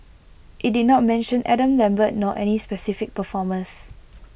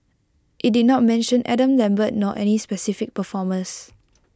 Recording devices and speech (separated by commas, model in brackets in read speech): boundary microphone (BM630), close-talking microphone (WH20), read sentence